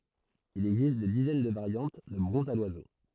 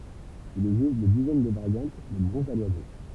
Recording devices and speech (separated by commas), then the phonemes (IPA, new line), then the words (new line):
throat microphone, temple vibration pickup, read sentence
il ɛɡzist de dizɛn də vaʁjɑ̃t də bʁɔ̃zz a lwazo
Il existe des dizaines de variantes de bronzes à l'oiseau.